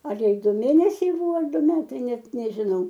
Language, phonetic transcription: Lithuanian, ˈar ˈjai ˈdu ˈmėnesiai ˈbuvo ar ˈdu ˈmetai ˈnet nežiˈnau

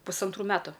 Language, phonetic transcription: Lithuanian, pusanˈtrų ˈmetu

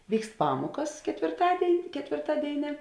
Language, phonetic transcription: Lithuanian, ˈvykst ˈpamuokas ketvirˈtadėin' ketvirˈtadėinė

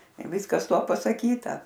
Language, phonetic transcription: Lithuanian, ir ˈviskas ˈtuo pasaˈkyta

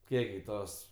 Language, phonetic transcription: Lithuanian, ˈkiek gi ˈtos

